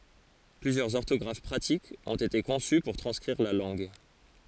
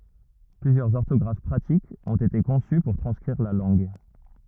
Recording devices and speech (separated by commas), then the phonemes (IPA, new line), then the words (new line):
forehead accelerometer, rigid in-ear microphone, read sentence
plyzjœʁz ɔʁtɔɡʁaf pʁatikz ɔ̃t ete kɔ̃sy puʁ tʁɑ̃skʁiʁ la lɑ̃ɡ
Plusieurs orthographes pratiques ont été conçues pour transcrire la langue.